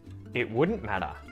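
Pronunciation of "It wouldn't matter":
In 'wouldn't', the t after the n is muted.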